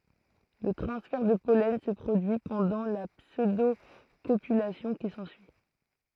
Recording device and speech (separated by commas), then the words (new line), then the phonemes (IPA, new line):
throat microphone, read sentence
Le transfert de pollen se produit pendant la pseudocopulation qui s'ensuit.
lə tʁɑ̃sfɛʁ də pɔlɛn sə pʁodyi pɑ̃dɑ̃ la psødokopylasjɔ̃ ki sɑ̃syi